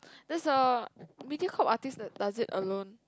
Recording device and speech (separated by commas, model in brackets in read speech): close-talking microphone, conversation in the same room